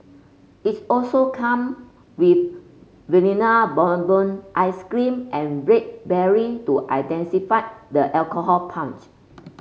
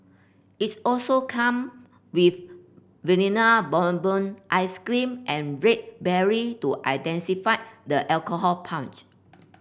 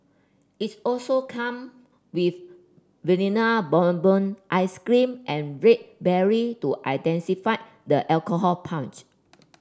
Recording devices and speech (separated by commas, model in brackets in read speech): mobile phone (Samsung C5), boundary microphone (BM630), standing microphone (AKG C214), read sentence